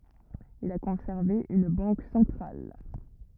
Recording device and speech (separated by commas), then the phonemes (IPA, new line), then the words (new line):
rigid in-ear microphone, read sentence
il a kɔ̃sɛʁve yn bɑ̃k sɑ̃tʁal
Il a conservé une banque centrale.